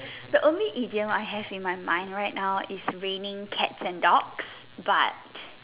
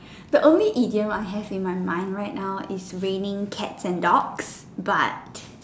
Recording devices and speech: telephone, standing microphone, conversation in separate rooms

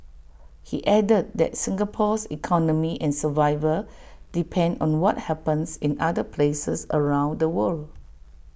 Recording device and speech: boundary microphone (BM630), read sentence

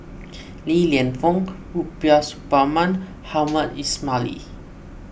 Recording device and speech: boundary microphone (BM630), read sentence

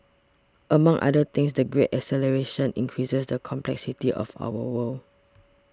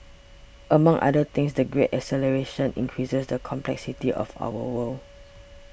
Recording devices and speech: standing microphone (AKG C214), boundary microphone (BM630), read sentence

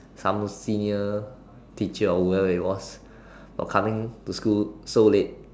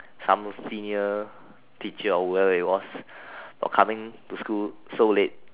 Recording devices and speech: standing microphone, telephone, conversation in separate rooms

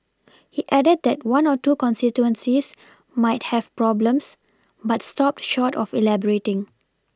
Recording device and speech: standing microphone (AKG C214), read sentence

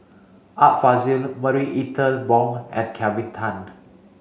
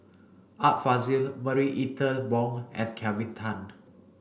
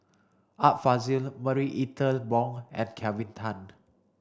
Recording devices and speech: mobile phone (Samsung C5), boundary microphone (BM630), standing microphone (AKG C214), read sentence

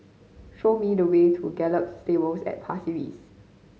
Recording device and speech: mobile phone (Samsung C5010), read sentence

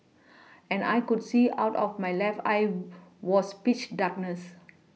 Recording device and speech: mobile phone (iPhone 6), read sentence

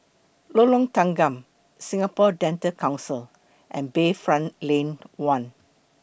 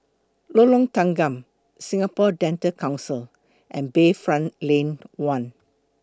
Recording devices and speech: boundary microphone (BM630), close-talking microphone (WH20), read sentence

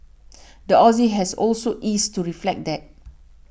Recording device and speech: boundary microphone (BM630), read sentence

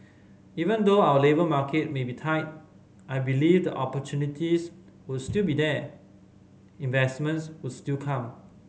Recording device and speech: mobile phone (Samsung C5010), read sentence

